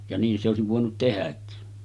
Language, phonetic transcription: Finnish, ja 'niin se òesiv vòenut 'tehäkki .
- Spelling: ja niin se olisi voinut tehdäkin

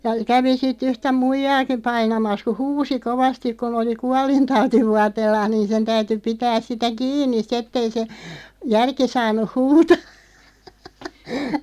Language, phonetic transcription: Finnish, ja 'kävi si't ‿yhtä "muijaakiᵐ 'painamas ku "huusi 'kovastik kun ‿oli "kualintauti'vuateellaaʰ 'niin sen 'täyty 'pitääs 'sitä "kiin̆niˢ sⁱ't ‿ettei se , 'järki saan̆nuʰ "huutaa .
- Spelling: ja kävi sitten yhtä muijaakin painamassa kun huusi kovasti kun oli kuolintautivuoteellaan niin sen täytyi pitää sitä kiinni sitten että ei se järki saanut huutaa

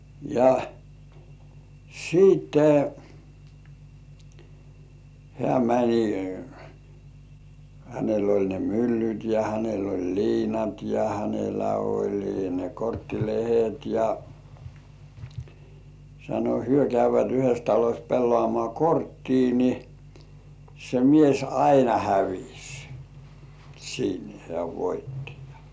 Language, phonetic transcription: Finnish, ja siitte , hĕä̀ mäńi , hänel ‿oĺ ne "myllyt ja hänel ‿oĺ "liinat ja hänelä oĺi ne 'kortti- "lehet ja , sano hyö käyv̆vät yhes taloś 'pellŏàmŏà "korttii ni , se mies "aina "hävis , siin hĕä̀ 'voitti ja .
- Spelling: ja sitten hän meni hänellä oli ne myllyt ja hänellä oli liinat ja hänellä oli ne - korttilehdet ja sanoi he käyvät yhdessä talossa pelaamaan korttia niin se mies aina hävisi siinä hän voitti ja

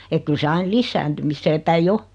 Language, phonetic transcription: Finnish, ek 'kyl se 'ain "lissääntymissee 'päi"j ‿o .
- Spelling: että kyllä se aina lisääntymiseen päin on

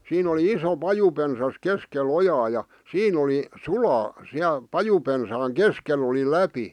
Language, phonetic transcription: Finnish, 'siin ‿oli 'iso "pajupensas 'keske"l ‿ojaa ja , 'siin ‿oli , "sulaa , 'siäl , "pajupensaaŋ "keskel ‿oli "läpi .
- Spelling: siinä oli iso pajupensas keskellä ojaa ja siinä oli sulaa siellä pajupensaan keskellä oli läpi

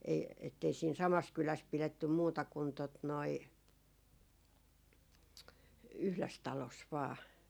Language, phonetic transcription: Finnish, ei- , ettei siin "samas 'kyläs 'pilettym 'muuta 'kun tot noi , "yhles 'talos vaa .
- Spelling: ei että ei siinä samassa kylässä pidetty muuta kuin tuota noin yhdessä talossa vain

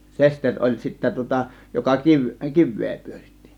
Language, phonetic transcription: Finnish, 'sesteŕ oĺ sittä tŭŏta 'joka 'kiv- , "kiv̆vee 'pyöritti .
- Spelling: sesteri oli sitten tuota joka - kiveä pyöritti

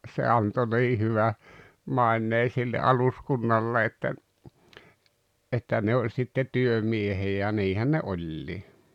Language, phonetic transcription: Finnish, se a- , se 'anto 'nii hyvä , 'maennee sille '’aluskunnallee ‿ttä , ’että 'ne oĺ sitte "työmiehiᵃ̈ ja 'niihän ne "oĺĺii .
- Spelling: se - se antoi niin hyvän maineen sille aluskunnalle että että ne oli sitten työmiehiä ja niinhän ne oli

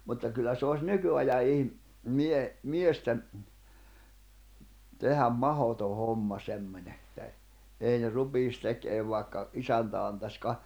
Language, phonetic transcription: Finnish, mutta kyllä se oś 'nyky₍aja ihm- , mie- , 'miesten , 'tehäm 'mahoto 'homma 'semmońe että e- , 'èi ne 'rupiis 'tekeev vàekka , 'isäntä antaś ka- ,.
- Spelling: mutta kyllä se olisi nykyajan - - miesten tehdä mahdoton homma semmoinen että - ei ne rupeaisi tekemään vaikka isäntä antaisi -

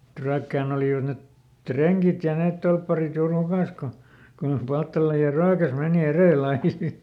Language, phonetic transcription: Finnish, ᵉt ˈRyäkkään ‿olìvat net , "treŋkit ja ˈneet ˈtolpparit juur ˈhukàs ko , ko joh ˈPalttala ja "Ryäkäs ˈmèni "erèlˈl ‿ai sit .
- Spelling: että Ryökkään olivat ne rengit ja ne torpparit juuri hukassa kun kun jo Palttala ja Ryökäs meni edellä aina sitten

